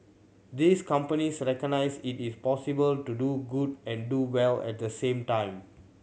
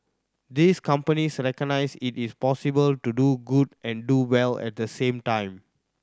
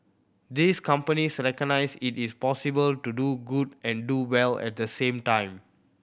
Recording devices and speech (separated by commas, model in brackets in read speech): mobile phone (Samsung C7100), standing microphone (AKG C214), boundary microphone (BM630), read sentence